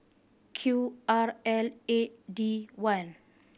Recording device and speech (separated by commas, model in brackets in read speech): boundary microphone (BM630), read sentence